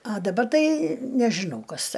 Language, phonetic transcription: Lithuanian, a daˈbar ˈtai nežiˈnau ˈkas

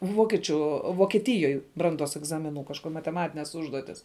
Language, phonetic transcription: Lithuanian, ˈvokiečiu vokieˈtijoj ˈbranˌduos egˈzamiˌnu kažˈko mateˈmatines ˈužduotis

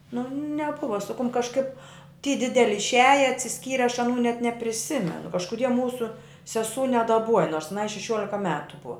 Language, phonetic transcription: Lithuanian, nu neˈbuva su kum kažˈkaip ty ˈdideli išˈiaja atsiˈskyre aš aˈnų net nepriˈsimenu kažkuˈdie ˈmūsu seˈsū nedaˈbuoja nors aˈnai šeˈšiuolika ˈmetu ˈbua

